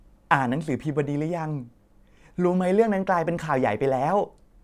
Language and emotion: Thai, happy